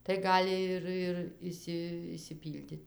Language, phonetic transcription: Lithuanian, tai ˈgali ir ir ˈišsi išsiˈpyldit'

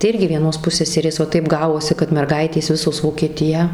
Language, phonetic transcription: Lithuanian, tai ˈirgi vieˈnos ˈpusseserės va ˈtaip ˈgavosi kad merˈgaitės ˈvisos vokieˈtiją

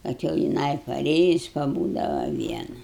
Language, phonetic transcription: Lithuanian, ˈkad jau jiˈnai paˈrėjus paˈbūdava ˈviena

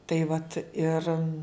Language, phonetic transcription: Lithuanian, ˈtai vat ir

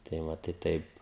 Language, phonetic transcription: Lithuanian, tai ˈva tai ˈtaip

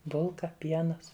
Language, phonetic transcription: Lithuanian, ˈbulka ˈpienas

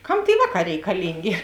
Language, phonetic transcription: Lithuanian, ˈkam tėi ˈvāˌkā reikaˈlingė

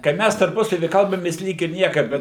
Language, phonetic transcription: Lithuanian, kai ˈmæs tarˈpusavy ˈkalbamės ˈlyg ir ˈnieka ˈbet

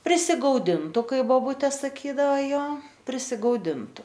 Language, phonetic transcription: Lithuanian, prisigauˈdindu ˈkai voˈbutė saˈkydava ˈjo prisigauˈdintu

